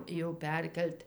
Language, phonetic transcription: Lithuanian, jau ˈperkel't'

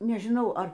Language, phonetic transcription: Lithuanian, nežiˈnau ˈar

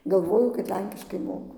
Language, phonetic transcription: Lithuanian, galˈvoju kad ˈlenkiškai ˈmoku

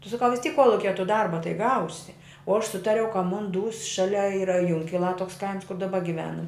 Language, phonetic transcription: Lithuanian, tu saˈkau vis tyk ˈkuolukie tu ˈdarba tai ˈgausi o aš ˈsutariau ka ˈmun ˈdūs ˈšalia ˈyra ˈjunkilā ˈtoks ˈkaims kur daˈba giˈvenam

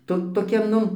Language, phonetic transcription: Lithuanian, ˈto toˈkia ˈnu

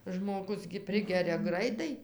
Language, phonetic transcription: Lithuanian, žmoˈgus gi ˈprigeria ˈgraitai

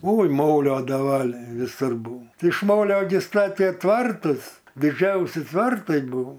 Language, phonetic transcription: Lithuanian, oi ˈmolio daˈvaliai viˈsur ˈbuo iš ˈmolio gi ˈstatė ˈtvartus diˈdžiausi ˈtvartai ˈbuvo

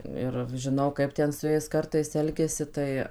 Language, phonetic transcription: Lithuanian, ˈir žiˈnau ˈkaip ten su ˈjais ˈkartais ˈelgiasi ˈtai

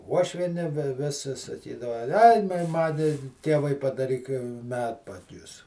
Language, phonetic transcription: Lithuanian, ˈuošvieni ˈvis sa saˈkydava aj ˈman ˈtėvai padaˈryk ˈmedpadius

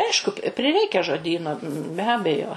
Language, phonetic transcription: Lithuanian, ˈaišku pi priˈreikia žoˈdyno be ˈabejo

